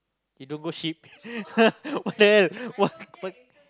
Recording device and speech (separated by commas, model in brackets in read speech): close-talking microphone, conversation in the same room